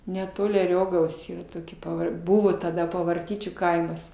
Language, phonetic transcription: Lithuanian, neˈtoli aˈriogalos yˈra toˈkie paˈvar ˈbūvo taˈda pavarˈtyčių ˈkaimas

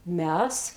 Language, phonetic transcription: Lithuanian, ˈmes

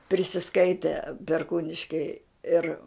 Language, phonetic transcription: Lithuanian, prisiˈskaite perˈkūniškei ˈir

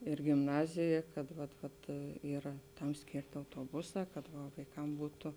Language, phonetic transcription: Lithuanian, ir gimˈnazėja kad vat ˈvat yˈra ˈtam ˈskėrti autoˈbuˌsā kad va vaiˈkam ˈbūtu

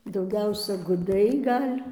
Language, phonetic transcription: Lithuanian, dauˈgiausia guˈdai ˈgal'

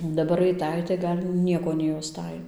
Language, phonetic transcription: Lithuanian, daˈbar aiˈtai tai ˈgal' ˈnieko nejauˈstai

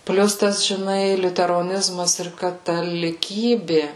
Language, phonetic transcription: Lithuanian, ˈplius ˈtas žiˈnai liuteroˈnizmas ir kataliˈkybi

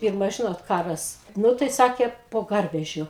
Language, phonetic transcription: Lithuanian, ˈpirma ˈžinot ˈkaras ˈnu tai ˈsakė po ˈgarvežiu

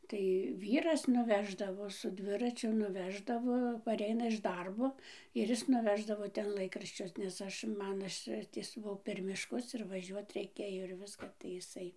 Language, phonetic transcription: Lithuanian, tai ˈvyras nuˈveždavo su ˈdviračiu nuˈveždavo paˈreina iš ˈdarbo ir ˈis nuˈveždavo ˈten ˈlaikraščius nes ˈaš ˈman ˈaš ˈties ˈbuo per mišˈkus ir vaˈžiuot reiˈkėjo ir ˈviska tai iˈsai

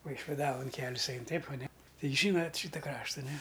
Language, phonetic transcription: Lithuanian, vaišviˈdavon ˈkelis ˈain ˈteip aˈne ˈtai ˈžynat' ˈšyta ˈkrašta ne

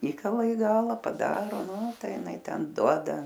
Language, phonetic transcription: Lithuanian, ˈįkala i ˈgala paˈdaro ˈnū ˈtai jiˈnai ˈten ˈduoda

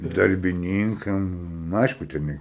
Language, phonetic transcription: Lithuanian, darbiˈnynkam ˈnu ˈaišku ten ˈne

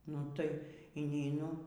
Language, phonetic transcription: Lithuanian, ˈnu ˈtai yneiˈnu

